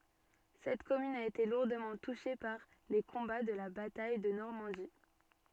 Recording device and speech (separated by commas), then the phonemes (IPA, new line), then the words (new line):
soft in-ear microphone, read sentence
sɛt kɔmyn a ete luʁdəmɑ̃ tuʃe paʁ le kɔ̃ba də la bataj də nɔʁmɑ̃di
Cette commune a été lourdement touchée par les combats de la bataille de Normandie.